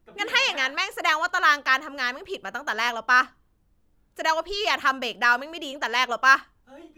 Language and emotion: Thai, angry